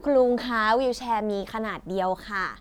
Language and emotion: Thai, frustrated